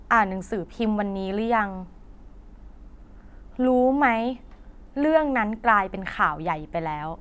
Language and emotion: Thai, neutral